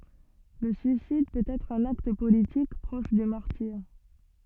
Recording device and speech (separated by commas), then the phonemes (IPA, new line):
soft in-ear microphone, read sentence
lə syisid pøt ɛtʁ œ̃n akt politik pʁɔʃ dy maʁtiʁ